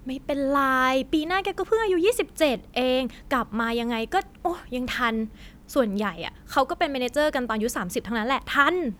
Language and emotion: Thai, happy